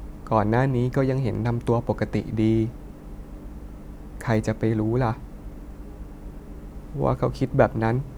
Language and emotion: Thai, sad